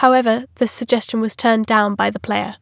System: none